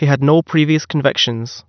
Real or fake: real